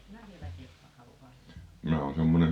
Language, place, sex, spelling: Finnish, Paavola, female, on siinä vieläkin jos on halu kastaa
- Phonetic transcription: 'on 'siinä "vieläki 'jos (o) 'halu "kastaa .

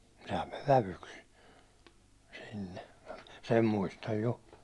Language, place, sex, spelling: Finnish, Hollola, male, sehän meni vävyksi sinne sen muistan jo
- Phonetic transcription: sehäm mev "vävyks , sinne , 'sen muistaj 'jo .

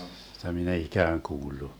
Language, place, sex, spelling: Finnish, Vermlanti, male, sitä minä ei ikään kuullut
- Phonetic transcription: sⁱtä min ‿ei "ikääŋ 'kuullu .

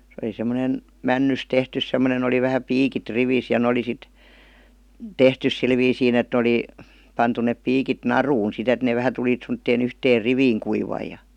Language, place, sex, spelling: Finnish, Vihti, female, se oli semmoinen männystä tehty semmoinen oli vähän piikit rivissä ja ne oli sitten tehty sillä viisiin että ne oli pantu ne piikit naruun sitten että ne vähän tuli semmoiseen yhteen riviin kuivui ja
- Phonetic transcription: se oli sem̆monen , "männys 'tehtys 'semmonen ‿oli vähä "piikit "rivis ja n ‿oli sit , "tehtys 'sil viisiin ‿et ne '°li , pantu nep 'piikit "naruun 'sit ‿et ne 'vähä tulit§ semttee'n ‿yhteer "riviiŋ 'kuivai ja .

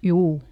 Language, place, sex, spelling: Finnish, Lieto, female, juu
- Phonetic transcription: ˈjuu !

